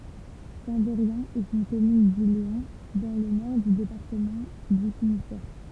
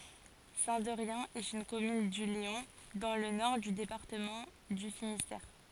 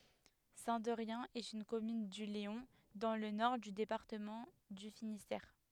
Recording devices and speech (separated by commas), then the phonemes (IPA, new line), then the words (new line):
temple vibration pickup, forehead accelerometer, headset microphone, read sentence
sɛ̃ dɛʁjɛ̃ ɛt yn kɔmyn dy leɔ̃ dɑ̃ lə nɔʁ dy depaʁtəmɑ̃ dy finistɛʁ
Saint-Derrien est une commune du Léon, dans le nord du département du Finistère.